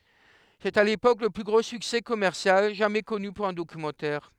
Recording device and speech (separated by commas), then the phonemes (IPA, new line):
headset microphone, read sentence
sɛt a lepok lə ply ɡʁo syksɛ kɔmɛʁsjal ʒamɛ kɔny puʁ œ̃ dokymɑ̃tɛʁ